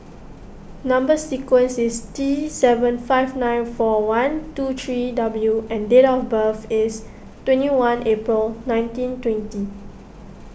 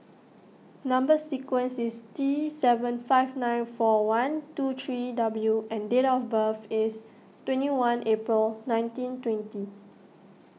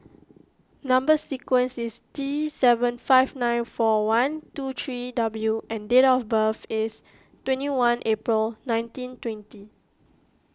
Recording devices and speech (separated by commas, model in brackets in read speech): boundary microphone (BM630), mobile phone (iPhone 6), close-talking microphone (WH20), read sentence